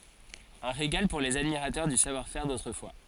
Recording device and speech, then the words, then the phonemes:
forehead accelerometer, read sentence
Un régal pour les admirateurs du savoir-faire d'autrefois.
œ̃ ʁeɡal puʁ lez admiʁatœʁ dy savwaʁfɛʁ dotʁəfwa

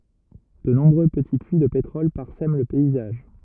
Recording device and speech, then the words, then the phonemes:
rigid in-ear microphone, read sentence
De nombreux petits puits de pétrole parsèment le paysage.
də nɔ̃bʁø pəti pyi də petʁɔl paʁsɛm lə pɛizaʒ

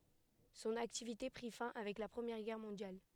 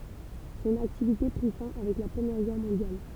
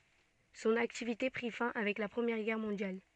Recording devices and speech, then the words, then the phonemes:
headset microphone, temple vibration pickup, soft in-ear microphone, read sentence
Son activité prit fin avec la Première Guerre Mondiale.
sɔ̃n aktivite pʁi fɛ̃ avɛk la pʁəmjɛʁ ɡɛʁ mɔ̃djal

